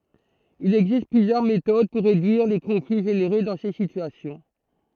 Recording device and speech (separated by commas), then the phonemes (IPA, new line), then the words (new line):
throat microphone, read sentence
il ɛɡzist plyzjœʁ metod puʁ ʁedyiʁ le kɔ̃fli ʒeneʁe dɑ̃ se sityasjɔ̃
Il existe plusieurs méthodes pour réduire les conflits générés dans ces situations.